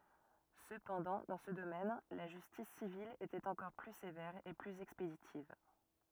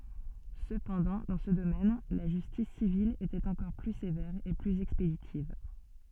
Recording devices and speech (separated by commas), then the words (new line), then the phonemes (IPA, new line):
rigid in-ear microphone, soft in-ear microphone, read sentence
Cependant, dans ce domaine, la justice civile était encore plus sévère et plus expéditive.
səpɑ̃dɑ̃ dɑ̃ sə domɛn la ʒystis sivil etɛt ɑ̃kɔʁ ply sevɛʁ e plyz ɛkspeditiv